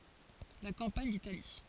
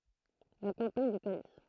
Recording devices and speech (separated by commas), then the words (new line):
forehead accelerometer, throat microphone, read sentence
La campagne d’Italie.